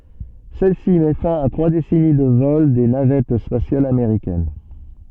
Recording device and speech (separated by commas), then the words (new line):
soft in-ear microphone, read sentence
Celle-ci met fin à trois décennies de vols des navettes spatiales américaines.